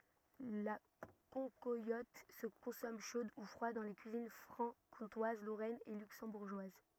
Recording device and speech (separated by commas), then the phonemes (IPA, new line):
rigid in-ear microphone, read sentence
la kɑ̃kwalɔt sə kɔ̃sɔm ʃod u fʁwad dɑ̃ le kyizin fʁɑ̃kɔ̃twaz loʁɛn e lyksɑ̃buʁʒwaz